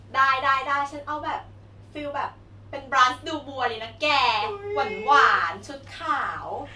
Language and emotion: Thai, happy